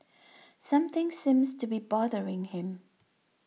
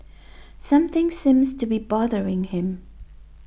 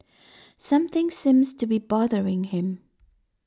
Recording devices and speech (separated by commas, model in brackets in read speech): mobile phone (iPhone 6), boundary microphone (BM630), standing microphone (AKG C214), read sentence